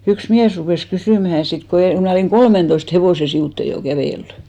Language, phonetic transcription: Finnish, yks 'miäs rupès 'kysỳmähä 'sit ko , (em) 'mnä̀ olìŋ "kolmentoist 'hevose 'siʷùtte jo 'kävèlly .
- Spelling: yksi mies rupesi kysymään sitten kun en minä olin kolmentoista hevosen sivuitse jo kävellyt

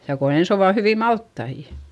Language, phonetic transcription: Finnish, ja ko ens ‿ova hyvì malttaijA .
- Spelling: ja kun ensin ovat hyviä maltaita

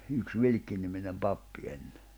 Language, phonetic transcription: Finnish, yks 'Vilkkiniminem 'pappi enne .
- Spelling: yksi Vilkki-niminen pappi ennen

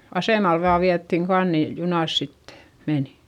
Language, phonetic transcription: Finnish, asèmal vaa viättiŋ kan ni , junàs sit , menI .
- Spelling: asemalle vain vietiin kannu niin junassa sitten meni

